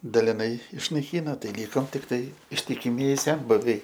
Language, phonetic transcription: Lithuanian, daliˈnai išnaiˈkyno ˈtai ˈlykom tikˈtai ištikiˈmieji ˈsenbuviai

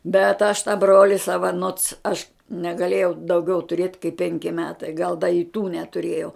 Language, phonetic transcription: Lithuanian, bet aš tą ˈbroli ˈsava nots aš negaˈlėjau dauˈgiau tuˈrėt kaip ˈpenki ˈmetai gal da i ˈtų netuˈrėjau

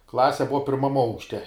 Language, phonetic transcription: Lithuanian, ˈklase ˈbuva ˈpirmam ˈaukšte

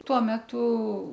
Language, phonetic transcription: Lithuanian, ˈtuo ˈmetu

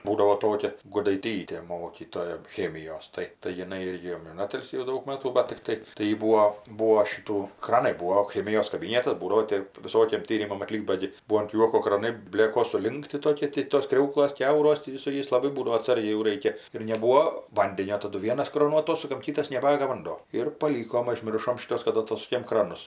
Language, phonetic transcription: Lithuanian, ˈbūdavo ˈtokia gudaiˈtytė ˈmokytoja ˈchemijos ˈtai tai jiˈnai ˈirgi jau in ˈatilsį jau ˈdaug ˈmatų bat tikˈtai tai ˈjy ˈbūo ˈbūo ˈšytų ˈkranai ˈbūo o ˈchemijos kaˈbynetas ˈbūdavo ˈtė viˈsokiem ˈtyrimam atˈlykt ˈba gi ˈbuo ant ˈjuoko kraˈnai ˈblėkos suˈlinkti ˈtokie ti tos ˈkriauklas ˈkiauros ˈtį su ˈjais laˈbai ˈbūdavo atˈsargiai jau ˈraikia ir neˈbūo ˈvandenio taˈdu ˈvienas ˈkronų aˈtosukam ˈkytas neˈbaga vanˈdo ir paˈlykom ažˈmiršom šiˈtos kad aˈtosukėm ˈkranus

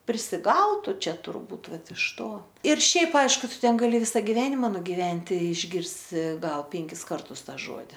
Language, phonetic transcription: Lithuanian, prisiˈgautu ˈčia turˈbūt ˈvat iš ˈto ir ˈšiaip ˈaišku ˈtu ˈten gaˈli ˈvisa giˈvenima nugiˈventi išˈgirsi ˈgal ˈpenkis ˈkartus ˈtą ˈžuodi

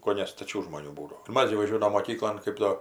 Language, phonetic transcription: Lithuanian, koˈne staˈčių žmoˈnių ˈbūdo ir ˈmas gi vaˈžiuodavom moˈkyklon ˈkɜp do

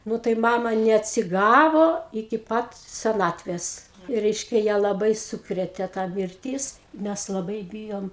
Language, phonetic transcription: Lithuanian, ˈnu tai ˈmama neatsiˈgavo iki ˈpat seˈnatvės ˈreiškia ją laˈbai ˈsūkrėtė ta mirˈtys ˈmæs laˈbai ˈbyjom

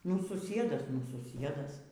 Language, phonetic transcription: Lithuanian, nu suˈsiedas nu suˈsiedas

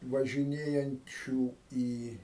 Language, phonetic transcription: Lithuanian, važiˈnėjančių ˈį

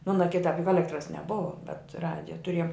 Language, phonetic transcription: Lithuanian, ˈmona ˈkitap juk ˈalektras neˈbuva bet ˈradija tuˈriejom

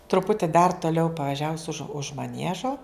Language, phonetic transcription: Lithuanian, truˈputi dar toˈliau pavaˈžiavus už už maˈniežo

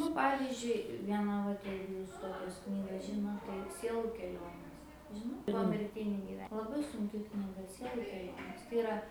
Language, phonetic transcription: Lithuanian, nu ˈpavizdžiui ˈvieną ˈvat ˈjeigu ˈjūs ˈtokias ˈknygas ˈžinot tai ˈsielu keˈlionės ˈžinot pomirˈtinį giˈve laˈbai sunˈki knyˈga ˈsielu keˈlionės tai iˈra

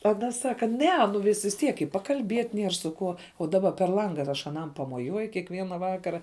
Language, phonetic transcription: Lithuanian, aˈna ˈsaka ˈne nu vis vis ˈtiek i pakalˈbiet' ˈnier su ˈkuo o ˈdaba per ˈlanga ar ˈaš aˈnam pamoˈjuoju kiekˈviena ˈvakara

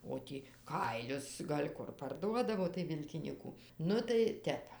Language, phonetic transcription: Lithuanian, o ˈtį ˈkailius gal' ˈkur parˈduodavo tai ˈvilkinyku ˈnu tai ˈtep

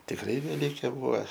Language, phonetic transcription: Lithuanian, tikˈrai veˈlykė ˈbūva

